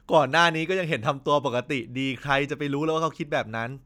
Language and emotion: Thai, happy